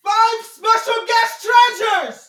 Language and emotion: English, happy